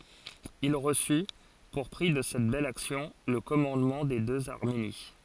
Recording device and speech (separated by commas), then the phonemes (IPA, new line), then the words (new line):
forehead accelerometer, read sentence
il ʁəsy puʁ pʁi də sɛt bɛl aksjɔ̃ lə kɔmɑ̃dmɑ̃ de døz aʁmeni
Il reçut, pour prix de cette belle action, le commandement des deux Arménie.